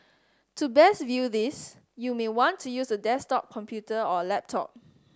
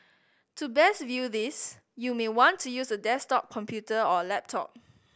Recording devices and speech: standing microphone (AKG C214), boundary microphone (BM630), read sentence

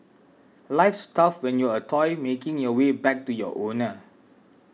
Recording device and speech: mobile phone (iPhone 6), read sentence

